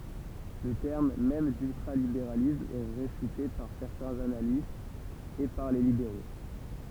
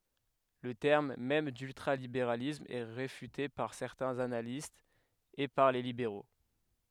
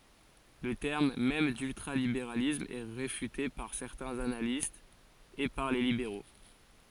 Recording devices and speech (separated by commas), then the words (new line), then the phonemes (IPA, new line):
temple vibration pickup, headset microphone, forehead accelerometer, read sentence
Le terme même d'ultralibéralisme est réfuté par certains analystes et par les libéraux.
lə tɛʁm mɛm dyltʁalibeʁalism ɛ ʁefyte paʁ sɛʁtɛ̃z analistz e paʁ le libeʁo